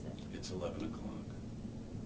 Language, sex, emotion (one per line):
English
male
neutral